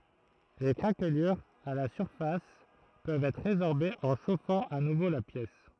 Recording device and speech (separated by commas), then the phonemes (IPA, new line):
throat microphone, read sentence
le kʁaklyʁz a la syʁfas pøvt ɛtʁ ʁezɔʁbez ɑ̃ ʃofɑ̃ a nuvo la pjɛs